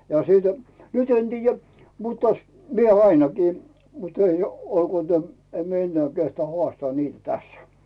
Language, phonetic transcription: Finnish, ja sìltɪ , nyt ‿en 'tiijä , mutt ‿as- , 'mie ainakii , mut ‿ei , 'olkuò täm , 'em mie ennᵉää kehtᵒà "hoàstᵒaa niitᵃ̈ 'tässᴀ̈ .
- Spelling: ja silti nyt en tiedä mutta - minä ainakin mutta ei olkoon tämä en minä enää kehtaa haastaa niitä tässä

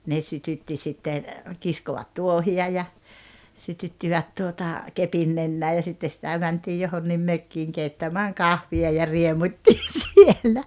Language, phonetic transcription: Finnish, ne 'sytytti sitten̬ , 'kiskovat "tuohi₍a ja , 'sytyttivät 'tuota , 'kepin nennää ja sitte sitä 'mäntii 'johonnim "mökkiiŋ 'keittämääŋ "kahvi₍a ja 'riemut́t́iin̬ 'siellä .
- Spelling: ne sytytti sitten kiskovat tuohia ja sytyttivät tuota kepin nenään ja sitten sitä mentiin johonkin mökkiin keittämään kahvia ja riemuittiin siellä

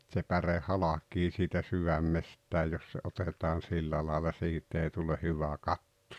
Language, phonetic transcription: Finnish, tse 'päre "halak̀ii siitä "syvämmesttää 'jos se '’otetaan "sillä laala "siit̀ ‿ei tule "hyvä "katto .
- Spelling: se päre halki siitä sydämestä jos se otetaan sillä lailla siitä ei tule hyvä katto

